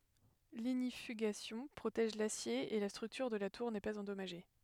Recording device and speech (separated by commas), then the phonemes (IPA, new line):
headset microphone, read sentence
liɲifyɡasjɔ̃ pʁotɛʒ lasje e la stʁyktyʁ də la tuʁ nɛ paz ɑ̃dɔmaʒe